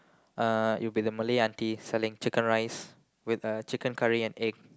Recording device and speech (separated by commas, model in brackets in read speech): close-talking microphone, conversation in the same room